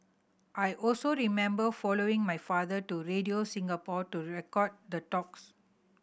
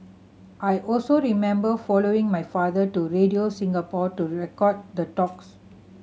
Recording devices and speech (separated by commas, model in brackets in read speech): boundary microphone (BM630), mobile phone (Samsung C7100), read sentence